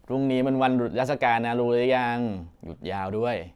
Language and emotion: Thai, neutral